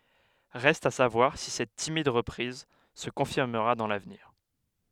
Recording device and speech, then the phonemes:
headset microphone, read sentence
ʁɛst a savwaʁ si sɛt timid ʁəpʁiz sə kɔ̃fiʁməʁa dɑ̃ lavniʁ

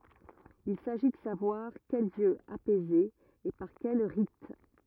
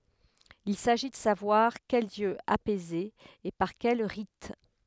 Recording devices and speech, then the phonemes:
rigid in-ear microphone, headset microphone, read sentence
il saʒi də savwaʁ kɛl djø apɛze e paʁ kɛl ʁit

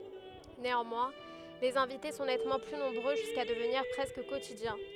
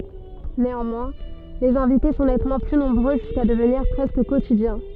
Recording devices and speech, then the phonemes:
headset microphone, soft in-ear microphone, read sentence
neɑ̃mwɛ̃ lez ɛ̃vite sɔ̃ nɛtmɑ̃ ply nɔ̃bʁø ʒyska dəvniʁ pʁɛskə kotidjɛ̃

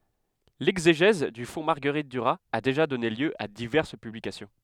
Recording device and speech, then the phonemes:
headset microphone, read sentence
lɛɡzeʒɛz dy fɔ̃ maʁɡəʁit dyʁaz a deʒa dɔne ljø a divɛʁs pyblikasjɔ̃

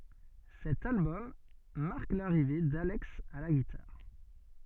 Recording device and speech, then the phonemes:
soft in-ear microphone, read sentence
sɛt albɔm maʁk laʁive dalɛks a la ɡitaʁ

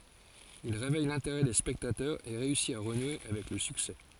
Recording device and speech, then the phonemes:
forehead accelerometer, read sentence
il ʁevɛj lɛ̃teʁɛ de spɛktatœʁz e ʁeysi a ʁənwe avɛk lə syksɛ

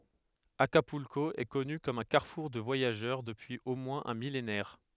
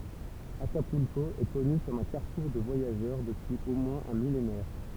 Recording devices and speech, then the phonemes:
headset microphone, temple vibration pickup, read sentence
akapylko ɛ kɔny kɔm œ̃ kaʁfuʁ də vwajaʒœʁ dəpyiz o mwɛ̃z œ̃ milenɛʁ

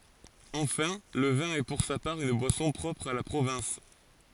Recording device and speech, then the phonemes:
forehead accelerometer, read sentence
ɑ̃fɛ̃ lə vɛ̃ ɛ puʁ sa paʁ yn bwasɔ̃ pʁɔpʁ a la pʁovɛ̃s

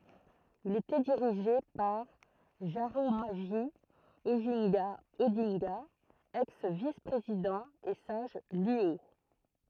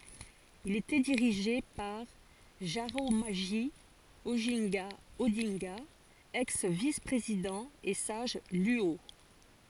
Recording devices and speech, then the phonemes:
throat microphone, forehead accelerometer, read sentence
il etɛ diʁiʒe paʁ ʒaʁamoʒi oʒɛ̃ɡa odɛ̃ɡa ɛks vis pʁezidɑ̃ e saʒ lyo

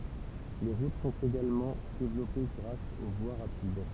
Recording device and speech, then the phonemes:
temple vibration pickup, read sentence
le ʁut sɔ̃t eɡalmɑ̃ devlɔpe ɡʁas o vwa ʁapid

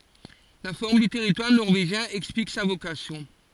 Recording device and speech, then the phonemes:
forehead accelerometer, read sentence
la fɔʁm dy tɛʁitwaʁ nɔʁveʒjɛ̃ ɛksplik sa vokasjɔ̃

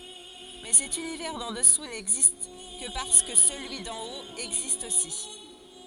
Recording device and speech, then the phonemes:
forehead accelerometer, read sentence
mɛ sɛt ynivɛʁ dɑ̃ dəsu nɛɡzist kə paʁskə səlyi dɑ̃ ot ɛɡzist osi

